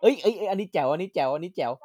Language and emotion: Thai, happy